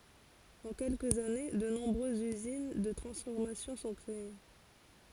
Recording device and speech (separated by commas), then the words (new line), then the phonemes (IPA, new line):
forehead accelerometer, read sentence
En quelques années, de nombreuses usines de transformation sont créées.
ɑ̃ kɛlkəz ane də nɔ̃bʁøzz yzin də tʁɑ̃sfɔʁmasjɔ̃ sɔ̃ kʁee